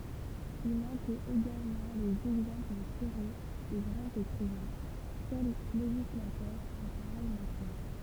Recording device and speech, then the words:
temple vibration pickup, read sentence
Y manquaient également les exemples tirés des grands écrivains, seuls législateurs en pareille matière.

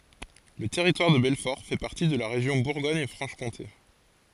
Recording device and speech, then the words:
forehead accelerometer, read sentence
Le Territoire de Belfort fait partie de la région Bourgogne-Franche-Comté.

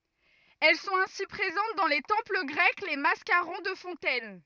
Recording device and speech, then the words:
rigid in-ear microphone, read sentence
Elles sont ainsi présentes dans les temples grecs, les mascarons de fontaines.

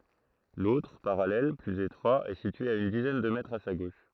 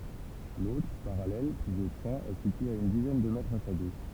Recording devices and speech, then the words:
throat microphone, temple vibration pickup, read sentence
L'autre, parallèle, plus étroit, est situé à une dizaine de mètres à sa gauche.

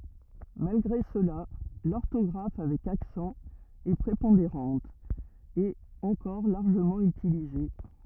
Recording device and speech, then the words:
rigid in-ear microphone, read sentence
Malgré cela, l'orthographe avec accent est prépondérante, et encore largement utilisée.

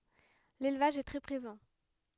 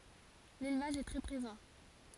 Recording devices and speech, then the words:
headset microphone, forehead accelerometer, read sentence
L'élevage est très présent.

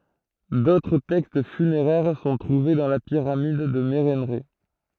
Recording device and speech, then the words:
throat microphone, read sentence
D'autres textes funéraires sont trouvés dans la pyramide de Mérenrê.

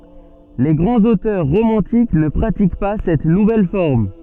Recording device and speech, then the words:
soft in-ear microphone, read sentence
Les grands auteurs romantiques ne pratiquent pas cette nouvelle forme.

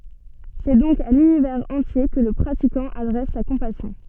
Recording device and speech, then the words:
soft in-ear microphone, read sentence
C'est donc à l'univers entier que le pratiquant adresse sa compassion.

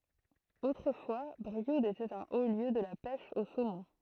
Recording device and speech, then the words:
throat microphone, read sentence
Autrefois, Brioude était un haut lieu de la pêche au saumon.

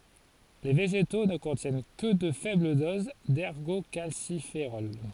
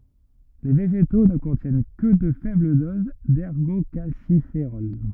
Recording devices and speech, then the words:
forehead accelerometer, rigid in-ear microphone, read sentence
Les végétaux ne contiennent que de faibles doses d'ergocalciférol.

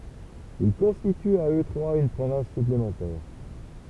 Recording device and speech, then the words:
temple vibration pickup, read sentence
Ils constituent à eux trois une province supplémentaire.

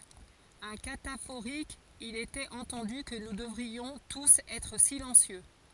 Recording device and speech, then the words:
forehead accelerometer, read sentence
Un cataphorique: Il était entendu que nous devrions tous être silencieux.

